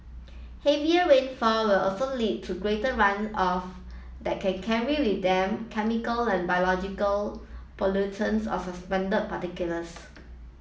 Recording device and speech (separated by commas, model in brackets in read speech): mobile phone (iPhone 7), read sentence